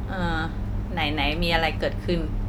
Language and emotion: Thai, neutral